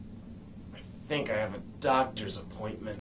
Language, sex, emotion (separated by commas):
English, male, disgusted